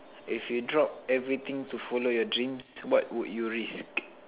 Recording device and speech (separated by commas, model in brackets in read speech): telephone, conversation in separate rooms